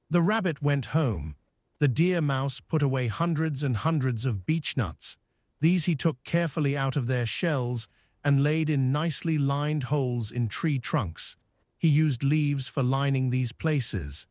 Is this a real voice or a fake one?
fake